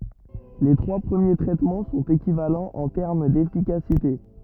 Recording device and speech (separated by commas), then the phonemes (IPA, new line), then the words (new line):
rigid in-ear microphone, read sentence
le tʁwa pʁəmje tʁɛtmɑ̃ sɔ̃t ekivalɑ̃z ɑ̃ tɛʁm defikasite
Les trois premiers traitements sont équivalents en termes d'efficacité.